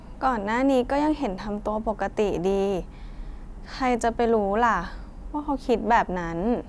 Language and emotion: Thai, sad